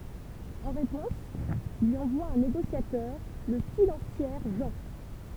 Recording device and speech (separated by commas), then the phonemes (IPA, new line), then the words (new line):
temple vibration pickup, read sentence
ɑ̃ ʁepɔ̃s lyi ɑ̃vwa œ̃ neɡosjatœʁ lə silɑ̃sjɛʁ ʒɑ̃
En réponse, lui envoie un négociateur, le silentiaire Jean.